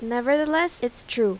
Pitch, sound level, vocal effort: 245 Hz, 86 dB SPL, loud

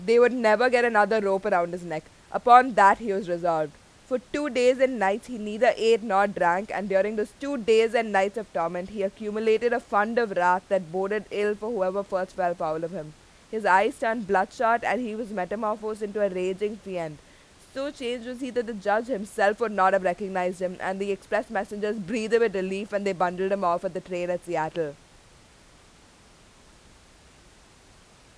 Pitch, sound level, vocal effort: 200 Hz, 93 dB SPL, very loud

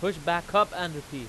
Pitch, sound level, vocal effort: 170 Hz, 98 dB SPL, very loud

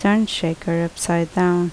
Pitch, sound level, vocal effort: 175 Hz, 76 dB SPL, normal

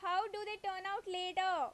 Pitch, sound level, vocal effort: 385 Hz, 93 dB SPL, very loud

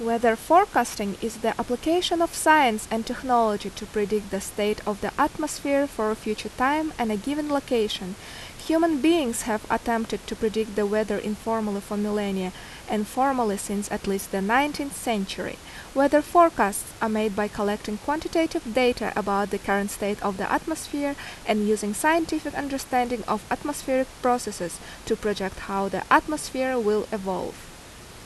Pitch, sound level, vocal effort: 225 Hz, 82 dB SPL, loud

